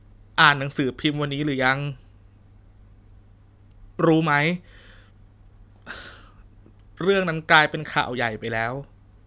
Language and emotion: Thai, sad